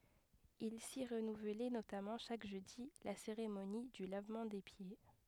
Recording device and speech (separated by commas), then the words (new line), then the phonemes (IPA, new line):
headset microphone, read sentence
Il s'y renouvelait notamment chaque jeudi la cérémonie du lavement des pieds.
il si ʁənuvlɛ notamɑ̃ ʃak ʒødi la seʁemoni dy lavmɑ̃ de pje